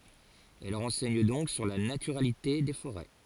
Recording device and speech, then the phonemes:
forehead accelerometer, read sentence
ɛl ʁɑ̃sɛɲ dɔ̃k syʁ la natyʁalite de foʁɛ

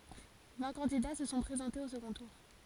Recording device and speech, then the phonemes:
forehead accelerometer, read sentence
vɛ̃ kɑ̃dida sə sɔ̃ pʁezɑ̃tez o səɡɔ̃ tuʁ

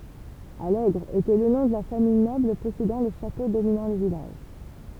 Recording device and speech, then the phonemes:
temple vibration pickup, read sentence
alɛɡʁ etɛ lə nɔ̃ də la famij nɔbl pɔsedɑ̃ lə ʃato dominɑ̃ lə vilaʒ

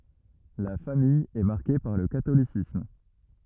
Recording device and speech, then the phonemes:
rigid in-ear microphone, read sentence
la famij ɛ maʁke paʁ lə katolisism

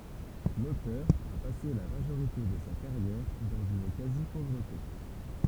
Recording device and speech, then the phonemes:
temple vibration pickup, read sentence
lotœʁ a pase la maʒoʁite də sa kaʁjɛʁ dɑ̃z yn kazipovʁəte

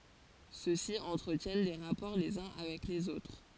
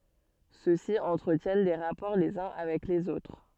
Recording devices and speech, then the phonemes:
forehead accelerometer, soft in-ear microphone, read sentence
sø si ɑ̃tʁətjɛn de ʁapɔʁ lez œ̃ avɛk lez otʁ

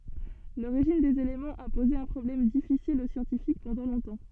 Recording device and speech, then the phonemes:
soft in-ear microphone, read sentence
loʁiʒin dez elemɑ̃z a poze œ̃ pʁɔblɛm difisil o sjɑ̃tifik pɑ̃dɑ̃ lɔ̃tɑ̃

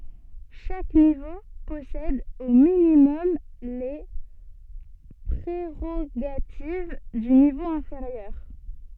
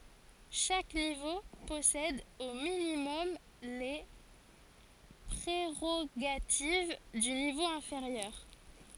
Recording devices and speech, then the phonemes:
soft in-ear microphone, forehead accelerometer, read sentence
ʃak nivo pɔsɛd o minimɔm le pʁeʁoɡativ dy nivo ɛ̃feʁjœʁ

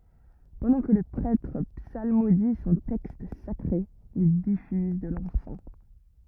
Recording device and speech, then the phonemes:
rigid in-ear microphone, read sentence
pɑ̃dɑ̃ kə lə pʁɛtʁ psalmodi sɔ̃ tɛkst sakʁe il difyz də lɑ̃sɑ̃

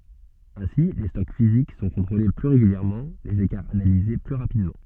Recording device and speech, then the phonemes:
soft in-ear microphone, read sentence
ɛ̃si le stɔk fizik sɔ̃ kɔ̃tʁole ply ʁeɡyljɛʁmɑ̃ lez ekaʁz analize ply ʁapidmɑ̃

